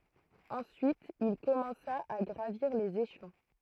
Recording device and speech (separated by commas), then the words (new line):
throat microphone, read sentence
Ensuite, il commença à gravir les échelons.